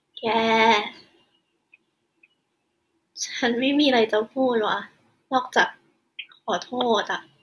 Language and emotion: Thai, sad